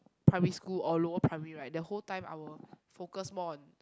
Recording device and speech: close-talking microphone, conversation in the same room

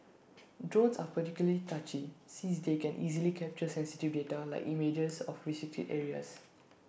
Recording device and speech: boundary microphone (BM630), read sentence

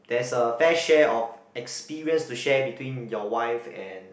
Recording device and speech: boundary microphone, conversation in the same room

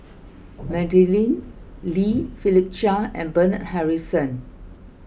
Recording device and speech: boundary microphone (BM630), read sentence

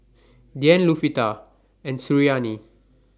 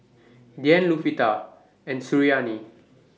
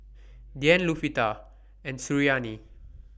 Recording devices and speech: standing microphone (AKG C214), mobile phone (iPhone 6), boundary microphone (BM630), read sentence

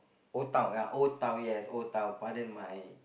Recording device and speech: boundary microphone, conversation in the same room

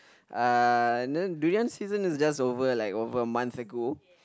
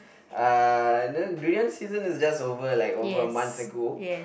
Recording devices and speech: close-talking microphone, boundary microphone, conversation in the same room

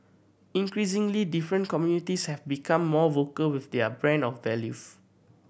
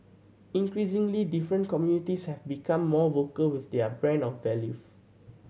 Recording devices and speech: boundary microphone (BM630), mobile phone (Samsung C7100), read sentence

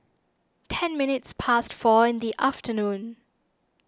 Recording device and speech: standing microphone (AKG C214), read sentence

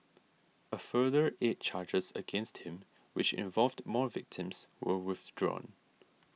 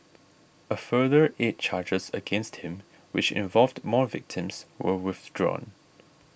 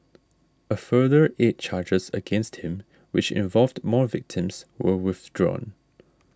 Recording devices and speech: mobile phone (iPhone 6), boundary microphone (BM630), standing microphone (AKG C214), read sentence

